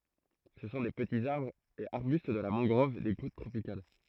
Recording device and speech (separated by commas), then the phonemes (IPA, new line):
throat microphone, read sentence
sə sɔ̃ de pətiz aʁbʁz e aʁbyst də la mɑ̃ɡʁɔv de kot tʁopikal